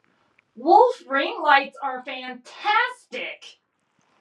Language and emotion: English, disgusted